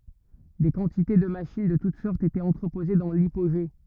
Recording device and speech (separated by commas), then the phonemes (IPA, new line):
rigid in-ear microphone, read sentence
de kɑ̃tite də maʃin də tut sɔʁtz etɛt ɑ̃tʁəpoze dɑ̃ lipoʒe